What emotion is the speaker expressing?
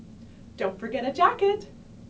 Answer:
happy